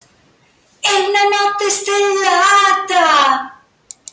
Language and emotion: Italian, happy